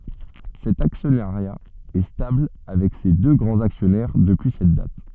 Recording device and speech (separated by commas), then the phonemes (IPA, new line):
soft in-ear microphone, read sentence
sɛt aksjɔnaʁja ɛ stabl avɛk se dø ɡʁɑ̃z aksjɔnɛʁ dəpyi sɛt dat